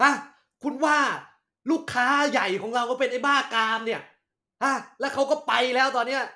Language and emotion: Thai, angry